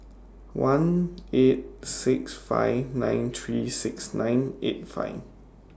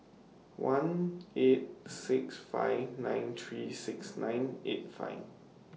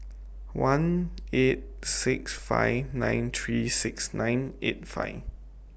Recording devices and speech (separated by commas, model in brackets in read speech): standing microphone (AKG C214), mobile phone (iPhone 6), boundary microphone (BM630), read sentence